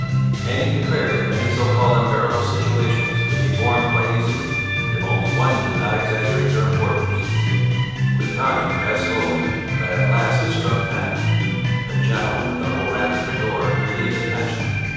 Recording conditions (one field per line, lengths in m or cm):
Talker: one person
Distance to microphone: 7.1 m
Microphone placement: far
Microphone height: 1.7 m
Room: very reverberant, large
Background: music